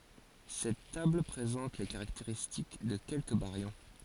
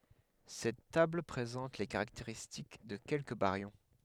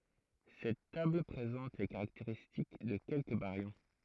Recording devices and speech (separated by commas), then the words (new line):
forehead accelerometer, headset microphone, throat microphone, read sentence
Cette table présente les caractéristiques de quelques baryons.